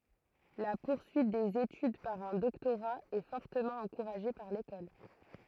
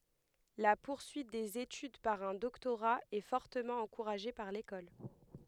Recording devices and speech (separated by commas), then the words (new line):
throat microphone, headset microphone, read sentence
La poursuite des études par un doctorat est fortement encouragée par l'école.